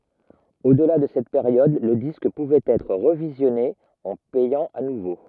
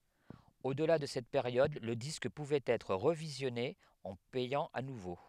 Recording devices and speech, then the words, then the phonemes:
rigid in-ear microphone, headset microphone, read sentence
Au-delà de cette période le disque pouvait être revisionné en payant à nouveau.
odla də sɛt peʁjɔd lə disk puvɛt ɛtʁ ʁəvizjɔne ɑ̃ pɛjɑ̃ a nuvo

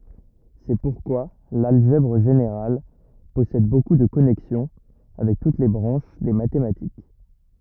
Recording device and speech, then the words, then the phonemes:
rigid in-ear microphone, read sentence
C'est pourquoi l'algèbre générale possède beaucoup de connexions avec toutes les branches des mathématiques.
sɛ puʁkwa lalʒɛbʁ ʒeneʁal pɔsɛd boku də kɔnɛksjɔ̃ avɛk tut le bʁɑ̃ʃ de matematik

